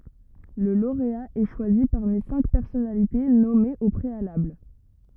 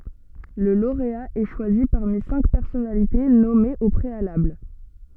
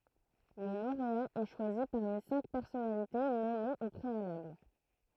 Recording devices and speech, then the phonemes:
rigid in-ear microphone, soft in-ear microphone, throat microphone, read sentence
lə loʁea ɛ ʃwazi paʁmi sɛ̃k pɛʁsɔnalite nɔmez o pʁealabl

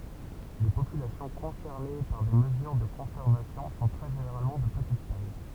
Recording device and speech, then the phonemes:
temple vibration pickup, read sentence
le popylasjɔ̃ kɔ̃sɛʁne paʁ de məzyʁ də kɔ̃sɛʁvasjɔ̃ sɔ̃ tʁɛ ʒeneʁalmɑ̃ də pətit taj

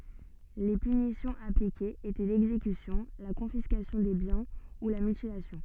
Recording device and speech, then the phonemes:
soft in-ear microphone, read sentence
le pynisjɔ̃z aplikez etɛ lɛɡzekysjɔ̃ la kɔ̃fiskasjɔ̃ de bjɛ̃ u la mytilasjɔ̃

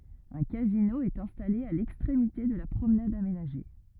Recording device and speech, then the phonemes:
rigid in-ear microphone, read sentence
œ̃ kazino ɛt ɛ̃stale a lɛkstʁemite də la pʁomnad amenaʒe

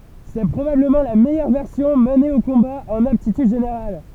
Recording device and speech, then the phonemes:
temple vibration pickup, read sentence
sɛ pʁobabləmɑ̃ la mɛjœʁ vɛʁsjɔ̃ məne o kɔ̃ba ɑ̃n aptityd ʒeneʁal

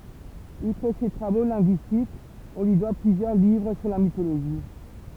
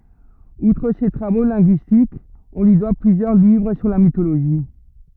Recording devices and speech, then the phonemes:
temple vibration pickup, rigid in-ear microphone, read sentence
utʁ se tʁavo lɛ̃ɡyistikz ɔ̃ lyi dwa plyzjœʁ livʁ syʁ la mitoloʒi

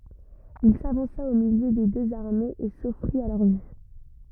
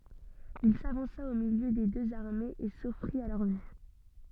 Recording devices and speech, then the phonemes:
rigid in-ear microphone, soft in-ear microphone, read sentence
il savɑ̃sa o miljø de døz aʁmez e sɔfʁit a lœʁ vy

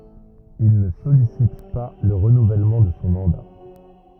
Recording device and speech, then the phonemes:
rigid in-ear microphone, read sentence
il nə sɔlisit pa lə ʁənuvɛlmɑ̃ də sɔ̃ mɑ̃da

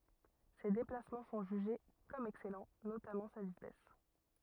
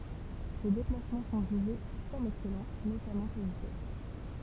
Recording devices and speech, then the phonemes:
rigid in-ear microphone, temple vibration pickup, read sentence
se deplasmɑ̃ sɔ̃ ʒyʒe kɔm ɛksɛlɑ̃ notamɑ̃ sa vitɛs

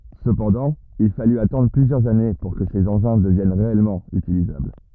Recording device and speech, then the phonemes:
rigid in-ear microphone, read sentence
səpɑ̃dɑ̃ il faly atɑ̃dʁ plyzjœʁz ane puʁ kə sez ɑ̃ʒɛ̃ dəvjɛn ʁeɛlmɑ̃ ytilizabl

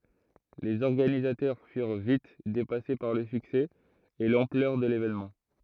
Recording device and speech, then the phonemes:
throat microphone, read sentence
lez ɔʁɡanizatœʁ fyʁ vit depase paʁ lə syksɛ e lɑ̃plœʁ də levenmɑ̃

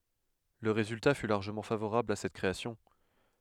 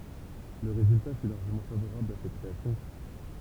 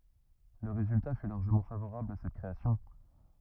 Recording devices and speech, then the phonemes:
headset microphone, temple vibration pickup, rigid in-ear microphone, read sentence
lə ʁezylta fy laʁʒəmɑ̃ favoʁabl a sɛt kʁeasjɔ̃

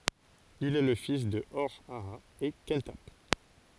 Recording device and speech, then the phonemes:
forehead accelerometer, read sentence
il ɛ lə fis də ɔʁ aa e kɑ̃tap

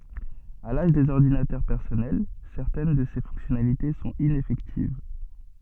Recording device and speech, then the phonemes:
soft in-ear microphone, read sentence
a laʒ dez ɔʁdinatœʁ pɛʁsɔnɛl sɛʁtɛn də se fɔ̃ksjɔnalite sɔ̃t inɛfɛktiv

